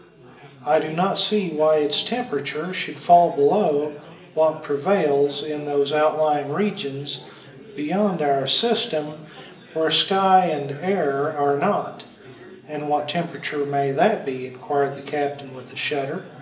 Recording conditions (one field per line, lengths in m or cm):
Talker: one person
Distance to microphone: 1.8 m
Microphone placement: close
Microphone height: 1.0 m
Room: large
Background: babble